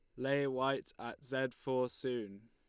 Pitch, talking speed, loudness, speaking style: 130 Hz, 160 wpm, -38 LUFS, Lombard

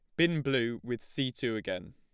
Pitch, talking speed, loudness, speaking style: 125 Hz, 210 wpm, -32 LUFS, plain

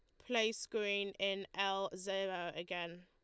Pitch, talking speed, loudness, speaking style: 195 Hz, 125 wpm, -39 LUFS, Lombard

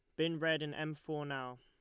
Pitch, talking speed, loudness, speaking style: 155 Hz, 255 wpm, -38 LUFS, Lombard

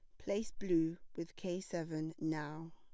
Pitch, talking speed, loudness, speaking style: 165 Hz, 140 wpm, -40 LUFS, plain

